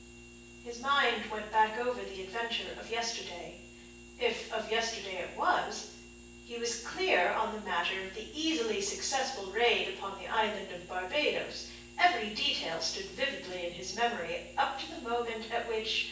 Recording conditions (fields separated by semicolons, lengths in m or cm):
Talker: one person; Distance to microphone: 9.8 m; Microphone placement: far; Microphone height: 1.8 m; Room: large; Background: none